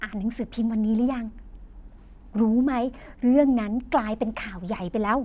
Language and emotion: Thai, happy